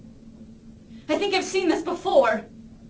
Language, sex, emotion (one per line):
English
female
fearful